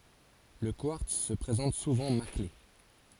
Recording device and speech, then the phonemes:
forehead accelerometer, read sentence
lə kwaʁts sə pʁezɑ̃t suvɑ̃ makle

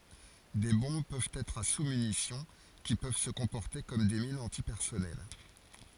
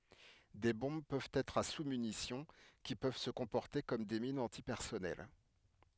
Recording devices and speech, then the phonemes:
forehead accelerometer, headset microphone, read sentence
de bɔ̃b pøvt ɛtʁ a susmynisjɔ̃ ki pøv sə kɔ̃pɔʁte kɔm de minz ɑ̃tipɛʁsɔnɛl

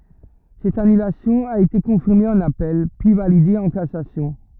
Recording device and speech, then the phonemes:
rigid in-ear microphone, read sentence
sɛt anylasjɔ̃ a ete kɔ̃fiʁme ɑ̃n apɛl pyi valide ɑ̃ kasasjɔ̃

